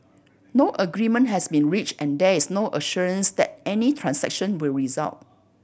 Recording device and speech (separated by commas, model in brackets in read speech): boundary microphone (BM630), read sentence